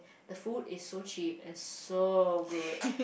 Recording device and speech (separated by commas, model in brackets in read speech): boundary microphone, conversation in the same room